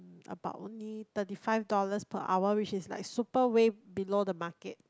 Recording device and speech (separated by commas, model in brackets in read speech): close-talking microphone, conversation in the same room